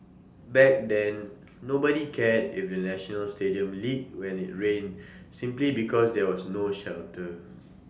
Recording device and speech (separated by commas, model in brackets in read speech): standing microphone (AKG C214), read sentence